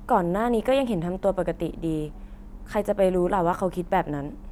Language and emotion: Thai, neutral